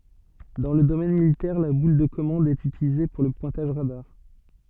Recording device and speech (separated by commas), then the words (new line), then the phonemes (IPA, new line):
soft in-ear microphone, read sentence
Dans le domaine militaire, la boule de commande est utilisée pour le pointage radar.
dɑ̃ lə domɛn militɛʁ la bul də kɔmɑ̃d ɛt ytilize puʁ lə pwɛ̃taʒ ʁadaʁ